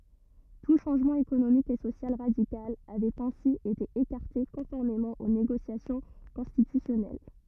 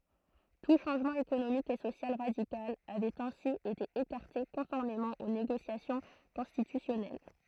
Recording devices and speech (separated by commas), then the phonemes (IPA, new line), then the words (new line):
rigid in-ear microphone, throat microphone, read sentence
tu ʃɑ̃ʒmɑ̃ ekonomik e sosjal ʁadikal avɛt ɛ̃si ete ekaʁte kɔ̃fɔʁmemɑ̃ o neɡosjasjɔ̃ kɔ̃stitysjɔnɛl
Tout changement économique et social radical avait ainsi été écarté conformément aux négociations constitutionnelles.